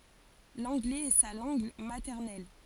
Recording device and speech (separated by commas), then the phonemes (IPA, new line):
forehead accelerometer, read sentence
lɑ̃ɡlɛz ɛ sa lɑ̃ɡ matɛʁnɛl